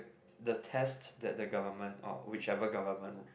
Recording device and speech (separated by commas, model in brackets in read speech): boundary microphone, conversation in the same room